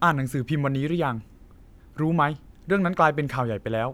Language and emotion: Thai, neutral